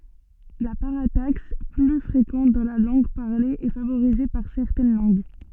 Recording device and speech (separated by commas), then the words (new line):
soft in-ear microphone, read sentence
La parataxe, plus fréquente dans la langue parlée, est favorisée par certaines langues.